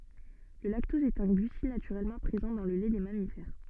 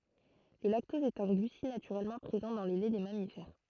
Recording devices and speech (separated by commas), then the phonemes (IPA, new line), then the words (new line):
soft in-ear microphone, throat microphone, read sentence
lə laktɔz ɛt œ̃ ɡlysid natyʁɛlmɑ̃ pʁezɑ̃ dɑ̃ lə lɛ de mamifɛʁ
Le lactose est un glucide naturellement présent dans le lait des mammifères.